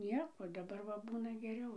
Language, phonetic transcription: Lithuanian, ˈnieko daˈbar va ˈbūna geˈriau

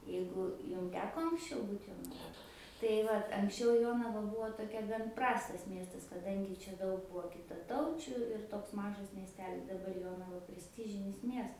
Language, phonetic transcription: Lithuanian, ˈjeigu ˈjum ˈteko anksˈčiau ˈbūt jonaˈvoj tai ˈvat anksˈčiau ˈjonava ˈbuvo toˈkia gan ˈprastas ˈmiestas kaˈdangi ˈčia ˈdaug ˈbuo kitaˈtaučiu ir ˈtoks ˈmažas miesˈtelis daˈbar ˈjonava presˈtižinis ˈmies

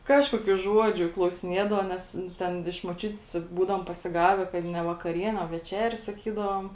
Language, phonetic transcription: Lithuanian, ˈkažkuokių ˈžuodžiu klausiˈniedava ˈnes ˈten iš moˈčiut's ˈbūdavom pasiˈgave kad ne vakaˈrienė o veˈčerė saˈkydavom

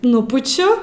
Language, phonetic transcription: Lithuanian, ˈnupučiu

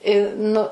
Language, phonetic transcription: Lithuanian, i ˈnu

